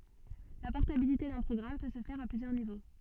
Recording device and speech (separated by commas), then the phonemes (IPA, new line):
soft in-ear microphone, read sentence
la pɔʁtabilite dœ̃ pʁɔɡʁam pø sə fɛʁ a plyzjœʁ nivo